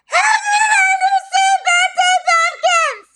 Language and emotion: English, sad